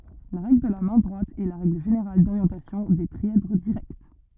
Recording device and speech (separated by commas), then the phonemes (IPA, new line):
rigid in-ear microphone, read sentence
la ʁɛɡl də la mɛ̃ dʁwat ɛ la ʁɛɡl ʒeneʁal doʁjɑ̃tasjɔ̃ de tʁiɛdʁ diʁɛkt